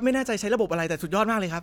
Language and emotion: Thai, happy